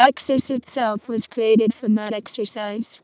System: VC, vocoder